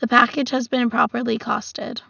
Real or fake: real